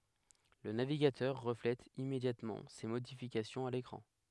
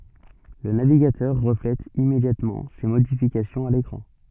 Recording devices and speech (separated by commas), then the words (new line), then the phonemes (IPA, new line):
headset microphone, soft in-ear microphone, read sentence
Le navigateur reflète immédiatement ces modifications à l'écran.
lə naviɡatœʁ ʁəflɛt immedjatmɑ̃ se modifikasjɔ̃z a lekʁɑ̃